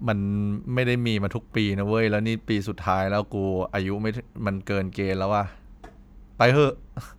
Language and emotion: Thai, frustrated